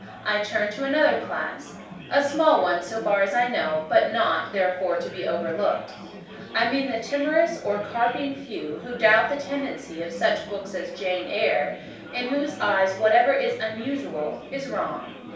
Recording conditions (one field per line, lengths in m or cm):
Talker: one person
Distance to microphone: 3.0 m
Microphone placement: far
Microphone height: 1.8 m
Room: small (3.7 m by 2.7 m)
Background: babble